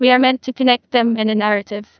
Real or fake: fake